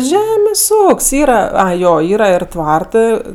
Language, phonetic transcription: Lithuanian, ˈžemės' ˈūk's' ˈyra ˈai ˈjo ˈyra ir ˈtvartɜ

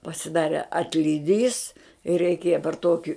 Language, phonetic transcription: Lithuanian, pasiˈdare atliˈdys ir reiˈkėja par toki

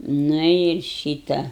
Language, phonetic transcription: Lithuanian, ˈnu ir ˈšyta

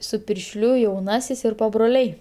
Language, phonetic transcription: Lithuanian, su piršˈliu jauˈnasis ir pabroˈliai

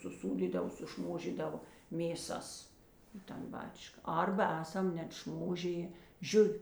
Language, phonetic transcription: Lithuanian, suˈsūdydav suˈšmožydava mėˈsas i tan ˈbačka ˈarba ˈesam net ˈšmožijė ˈžiuvi

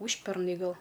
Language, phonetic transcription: Lithuanian, ˈūžpernai ˈgal

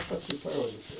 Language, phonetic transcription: Lithuanian, pasˈkui paˈrodisiu

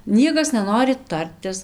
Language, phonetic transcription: Lithuanian, ˈniekas neˈnori ˈtartis

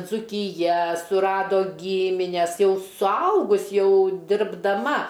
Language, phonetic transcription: Lithuanian, dzūkiˈja suˈrado ˈgymines ˈjau suˈaugus ˈjau dirbdaˈma

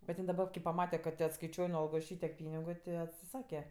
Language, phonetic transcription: Lithuanian, bet ˈjin daˈba kai paˈmate kad tė atskaiˈčiuoj nu ˈalgos ˈšytiek ˈpynigu ti atsiˈsake

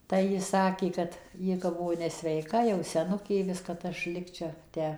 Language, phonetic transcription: Lithuanian, tai ji ˈsakė kad ˈji kap ˈbuvo nesveiˈka jau seˈnukė ˈviska kad ˈaš ˈlikčia ˈtę

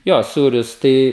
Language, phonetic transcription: Lithuanian, ˈjo ˈsūrius ˈtai

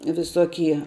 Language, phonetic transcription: Lithuanian, viˈsokie

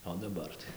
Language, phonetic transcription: Lithuanian, o daˈbar tai

